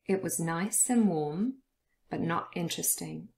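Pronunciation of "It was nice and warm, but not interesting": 'Was', 'and' and 'but' are unstressed and reduced, and each has a schwa sound.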